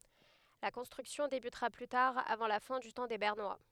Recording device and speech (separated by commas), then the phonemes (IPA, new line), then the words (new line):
headset microphone, read sentence
la kɔ̃stʁyksjɔ̃ debytʁa ply taʁ avɑ̃ la fɛ̃ dy tɑ̃ de bɛʁnwa
La construction débutera plus tard avant la fin du temps des Bernois.